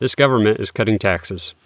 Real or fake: real